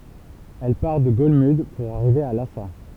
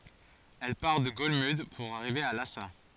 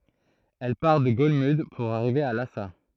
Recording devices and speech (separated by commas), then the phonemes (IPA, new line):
temple vibration pickup, forehead accelerometer, throat microphone, read sentence
ɛl paʁ də ɡɔlmyd puʁ aʁive a lasa